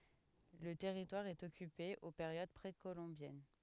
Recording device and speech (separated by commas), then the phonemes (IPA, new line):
headset microphone, read sentence
lə tɛʁitwaʁ ɛt ɔkype o peʁjod pʁekolɔ̃bjɛn